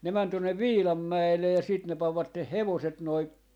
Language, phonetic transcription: Finnish, ne män 'tuonnev "Viilammäelle ja siit ne pavvatteh "hevoset noi , .
- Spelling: ne meni tuonne Viilanmäelle ja sitten ne panivat hevoset noin

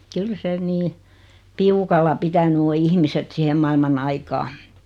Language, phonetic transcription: Finnish, 'kyl se 'nii , "piukalla 'pitäny o 'ihmiset 'sihem mailma'n ‿aikaa .
- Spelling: kyllä se niin piukalla pitänyt on ihmiset siihen maailman aikaa

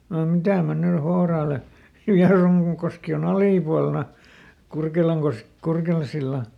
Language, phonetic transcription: Finnish, no "mitä mä ˈny ˈhouraale , "Viaruŋkoski o"n ‿alìpualna , ˈKurkelaŋkos- , ˈKurkelan̬silla !
- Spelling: no mitä minä nyt hourailen Vierunkoski on alipuolella - Kurkelansillan

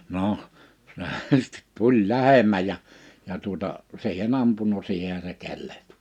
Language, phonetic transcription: Finnish, 'noh , se sⁱt "tuĺ "lähem̀äj ja , ja tuᵒta , 'si̬ihe'n ‿ampunu 'siihehä se 'kellᴇht .
- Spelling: no se sitten tuli lähemmäs ja ja tuota siihen ampunut siihenhän se kellahti

